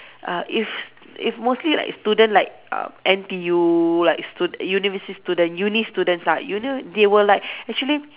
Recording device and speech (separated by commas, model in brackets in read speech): telephone, conversation in separate rooms